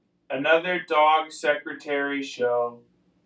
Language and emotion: English, neutral